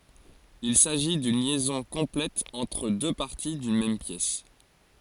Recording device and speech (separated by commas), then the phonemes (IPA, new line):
forehead accelerometer, read sentence
il saʒi dyn ljɛzɔ̃ kɔ̃plɛt ɑ̃tʁ dø paʁti dyn mɛm pjɛs